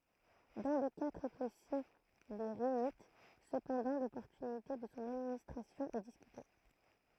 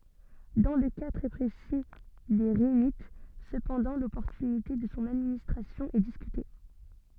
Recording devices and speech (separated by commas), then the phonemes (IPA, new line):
throat microphone, soft in-ear microphone, read sentence
dɑ̃ lə ka tʁɛ pʁesi de ʁinit səpɑ̃dɑ̃ lɔpɔʁtynite də sɔ̃ administʁasjɔ̃ ɛ diskyte